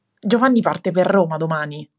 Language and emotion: Italian, angry